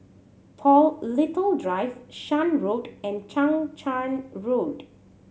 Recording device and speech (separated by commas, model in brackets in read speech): mobile phone (Samsung C7100), read sentence